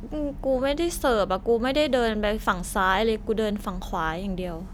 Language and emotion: Thai, frustrated